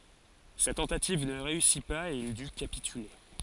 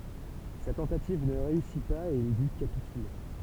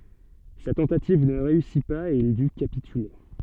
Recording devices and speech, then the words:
forehead accelerometer, temple vibration pickup, soft in-ear microphone, read sentence
Sa tentative ne réussit pas et il dut capituler.

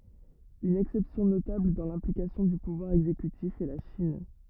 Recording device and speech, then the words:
rigid in-ear microphone, read sentence
Une exception notable dans l'implication du pouvoir exécutif est la Chine.

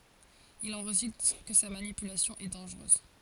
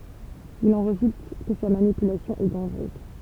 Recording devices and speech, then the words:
forehead accelerometer, temple vibration pickup, read sentence
Il en résulte que sa manipulation est dangereuse.

